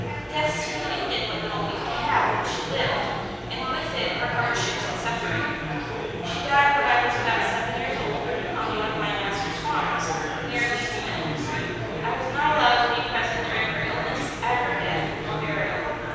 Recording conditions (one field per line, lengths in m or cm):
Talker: one person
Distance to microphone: 7.1 m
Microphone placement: far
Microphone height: 1.7 m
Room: very reverberant, large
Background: babble